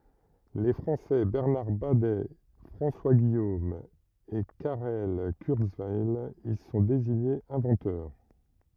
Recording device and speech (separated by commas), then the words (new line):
rigid in-ear microphone, read sentence
Les Français Bernard Badet, François Guillaume et Karel Kurzweil y sont désignés inventeurs.